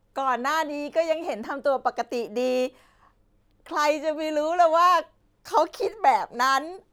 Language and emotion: Thai, happy